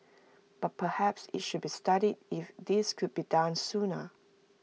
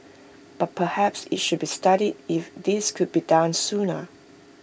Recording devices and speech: mobile phone (iPhone 6), boundary microphone (BM630), read sentence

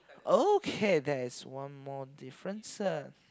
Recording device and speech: close-talking microphone, conversation in the same room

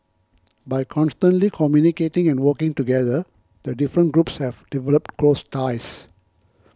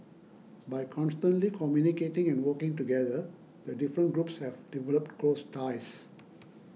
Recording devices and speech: close-talking microphone (WH20), mobile phone (iPhone 6), read sentence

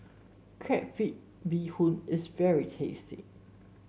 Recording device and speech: mobile phone (Samsung S8), read sentence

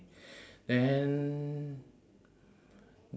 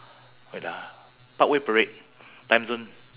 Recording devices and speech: standing microphone, telephone, conversation in separate rooms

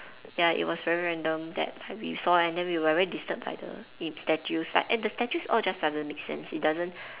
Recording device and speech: telephone, conversation in separate rooms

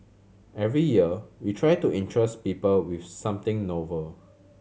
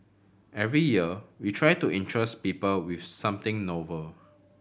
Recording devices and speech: mobile phone (Samsung C7100), boundary microphone (BM630), read sentence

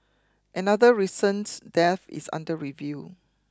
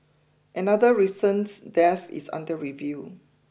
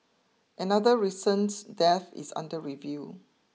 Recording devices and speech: close-talking microphone (WH20), boundary microphone (BM630), mobile phone (iPhone 6), read sentence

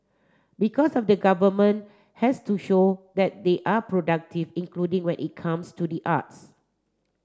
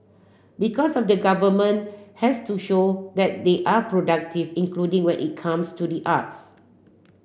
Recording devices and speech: standing microphone (AKG C214), boundary microphone (BM630), read sentence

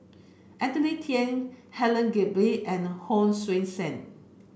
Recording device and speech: boundary microphone (BM630), read sentence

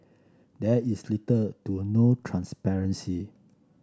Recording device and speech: standing microphone (AKG C214), read sentence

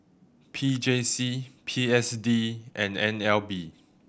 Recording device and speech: boundary microphone (BM630), read sentence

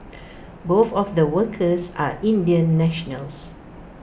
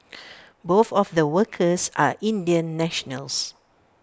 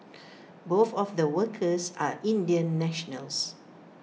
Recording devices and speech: boundary microphone (BM630), standing microphone (AKG C214), mobile phone (iPhone 6), read sentence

